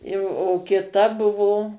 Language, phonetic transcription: Lithuanian, jau o kiˈta ˈbuvo

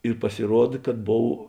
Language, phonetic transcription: Lithuanian, ir pasiˈruod kad ˈbov

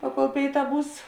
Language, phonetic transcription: Lithuanian, ˈpaˌkol ˈpėiˌtā ˈbūs

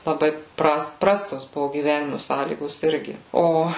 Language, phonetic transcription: Lithuanian, laˈbai ˈprast ˈprastos ˈbuvo gyˈvenimu ˈsąlygos ˈirgi ˈo

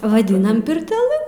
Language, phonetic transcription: Lithuanian, vaˈdinam pirteˈlɨ

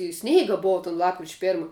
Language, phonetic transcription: Lithuanian, ir ˈsneiga ˈbova ton ˈlapkrič' ˈpėrma

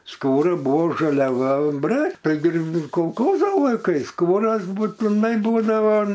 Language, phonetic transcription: Lithuanian, ˈskūra ˈbuvo žaliaˈva bre taiˈgi ir kolˈkozo laiˈkais ˈskūras būtiˈnai ˈbūdava

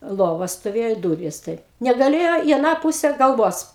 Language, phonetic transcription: Lithuanian, ˈlova stoˈvėjo i ˈdūrys taip negaˈlėjo į aˈną ˈpūse galˈvos

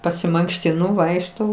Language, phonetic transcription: Lithuanian, pasimankštiˈnu ˈvaikštau

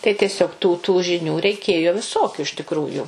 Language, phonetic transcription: Lithuanian, tai tieˈsiog tų tų žiˈnių reiˈkėjo viˈsokiu iš tikˈrųjų

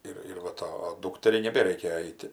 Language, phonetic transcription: Lithuanian, ˈir ir va ˈta ˈdūkteriai neˈbereikia ˈeiti

